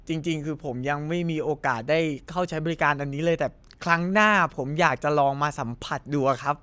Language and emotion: Thai, happy